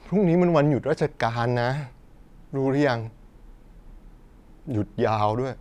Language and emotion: Thai, sad